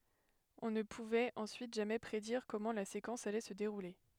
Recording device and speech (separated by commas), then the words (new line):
headset microphone, read sentence
On ne pouvait ensuite jamais prédire comment la séquence allait se dérouler.